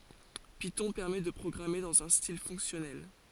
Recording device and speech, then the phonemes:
forehead accelerometer, read sentence
pitɔ̃ pɛʁmɛ də pʁɔɡʁame dɑ̃z œ̃ stil fɔ̃ksjɔnɛl

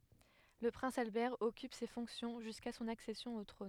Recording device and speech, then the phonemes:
headset microphone, read sentence
lə pʁɛ̃s albɛʁ ɔkyp se fɔ̃ksjɔ̃ ʒyska sɔ̃n aksɛsjɔ̃ o tʁɔ̃n

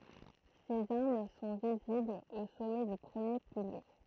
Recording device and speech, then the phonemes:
throat microphone, read sentence
sez aʁm sɔ̃ viziblz o sɔmɛ dy pʁəmje pilje

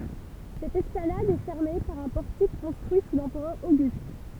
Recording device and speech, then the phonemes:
temple vibration pickup, read sentence
sɛt ɛsplanad ɛ fɛʁme paʁ œ̃ pɔʁtik kɔ̃stʁyi su lɑ̃pʁœʁ oɡyst

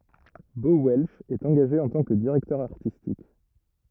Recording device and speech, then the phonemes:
rigid in-ear microphone, read sentence
bo wɛlʃ ɛt ɑ̃ɡaʒe ɑ̃ tɑ̃ kə diʁɛktœʁ aʁtistik

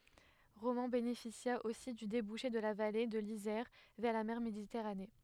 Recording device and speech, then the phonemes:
headset microphone, read sentence
ʁomɑ̃ benefisja osi dy debuʃe də la vale də lizɛʁ vɛʁ la mɛʁ meditɛʁane

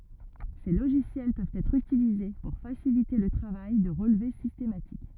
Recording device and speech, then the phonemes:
rigid in-ear microphone, read sentence
se loʒisjɛl pøvt ɛtʁ ytilize puʁ fasilite lə tʁavaj də ʁəlve sistematik

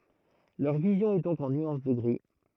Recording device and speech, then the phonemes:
throat microphone, read sentence
lœʁ vizjɔ̃ ɛ dɔ̃k ɑ̃ nyɑ̃s də ɡʁi

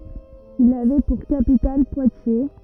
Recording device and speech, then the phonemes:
rigid in-ear microphone, read sentence
il avɛ puʁ kapital pwatje

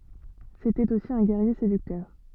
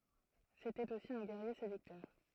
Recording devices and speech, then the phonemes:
soft in-ear microphone, throat microphone, read sentence
setɛt osi œ̃ ɡɛʁje sedyktœʁ

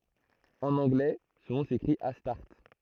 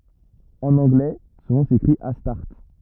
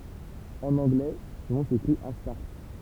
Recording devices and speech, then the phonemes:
throat microphone, rigid in-ear microphone, temple vibration pickup, read sentence
ɑ̃n ɑ̃ɡlɛ sɔ̃ nɔ̃ sekʁit astaʁt

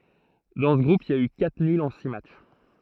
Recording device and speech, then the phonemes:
throat microphone, read sentence
dɑ̃ sə ɡʁup il i a y katʁ nylz ɑ̃ si matʃ

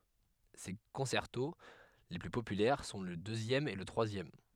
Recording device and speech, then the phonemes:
headset microphone, read sentence
se kɔ̃sɛʁto le ply popylɛʁ sɔ̃ lə døzjɛm e lə tʁwazjɛm

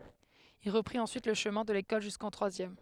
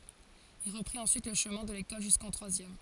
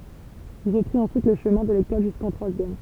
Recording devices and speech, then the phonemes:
headset microphone, forehead accelerometer, temple vibration pickup, read sentence
il ʁəpʁit ɑ̃syit lə ʃəmɛ̃ də lekɔl ʒyskɑ̃ tʁwazjɛm

